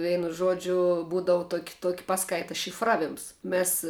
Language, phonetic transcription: Lithuanian, ˈveinu ˈžuodžiu ˈbūdavu ˈtuoki ˈtuoki ˈpaˌskaita šif ˈraˌvims ˈmės

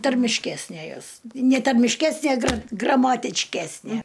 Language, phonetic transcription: Lithuanian, tarmišˈkesnė ˈjos ne tarmišˈkesnė gra gramatičˈkesnie

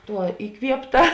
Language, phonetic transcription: Lithuanian, ˈtuo iˈkviepˌta

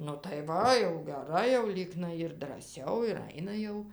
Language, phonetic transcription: Lithuanian, nu tai ˈva jau geˈrai jau ˈlyknai ir draˈsiau ir ˈaina jau

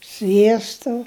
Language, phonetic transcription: Lithuanian, ˈsviesto

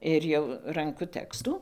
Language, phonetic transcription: Lithuanian, ir ˈjau ˈranku ˈtekstų

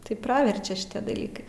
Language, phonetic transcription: Lithuanian, tai ˈpraverčia šiˈtie daˈlykai

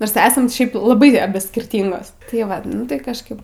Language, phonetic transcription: Lithuanian, nors ˈesam ˈšiaip laˈbai aˈbi skirˈtyngos tai ˈvat ˈnu tai kažˈkaip

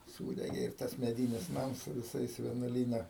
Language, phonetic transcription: Lithuanian, ˈsūdegė ir ˈtas meˈdynis ˈnams su viˈsais vienuoˈlyna

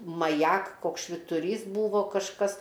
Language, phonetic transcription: Lithuanian, maˈjak ˈkoks švituˈrys ˈbūvo kažˈkas

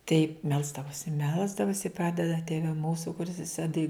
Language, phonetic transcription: Lithuanian, tai ˈmelsdavosi ˈmelsdavosi ˈpradeda ˈtėve ˈmūsu kuˈris eˈsi tai

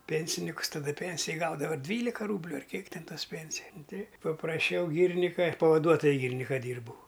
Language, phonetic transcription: Lithuanian, ˈpensinikus taˈdu ˈpensija ˈgaudava ˈdvylika ˈrūbliu ar ˈkiek ˈten ˈtos ˈpensija nu tai papraˈšiau ˈgyrnika ˈpavaduotoju ˈgyrinika ˈdyrbau

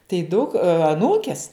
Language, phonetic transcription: Lithuanian, tai ˈduk aˈnūkes

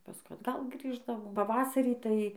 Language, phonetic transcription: Lithuanian, paˈskui atˈgal ˈgrįždavom paˈvasarį tai

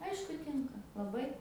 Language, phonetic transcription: Lithuanian, ˈaišku ˈtinka laˈbai

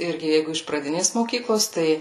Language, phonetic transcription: Lithuanian, ˈirgi ˈjeigu iš praˈdinės moˈkyklos ˈtai

